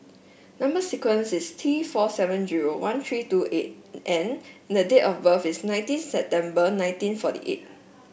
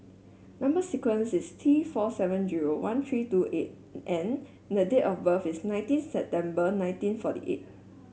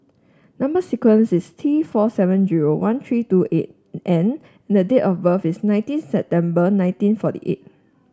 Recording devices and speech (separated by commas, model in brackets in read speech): boundary microphone (BM630), mobile phone (Samsung S8), standing microphone (AKG C214), read sentence